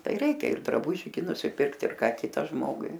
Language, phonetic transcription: Lithuanian, ˈtai ˈreikia ir draˈbuži gi nusiˈpirkt ir ˈką ˈkita ˈžmogui

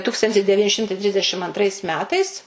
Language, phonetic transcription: Lithuanian, ˈtūkstantis deˈvyni ˈšimtai ˈtrisdešim antˈrais ˈmetais

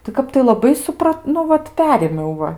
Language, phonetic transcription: Lithuanian, tai ˈkap tai laˈbai suˈprat nu ˈvat ˈperėmiau ˈva

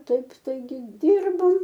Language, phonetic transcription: Lithuanian, ˈtaip taiˈgi ˈdyrbom

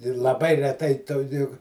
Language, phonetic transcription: Lithuanian, ir laˈbai reˈtai to juk

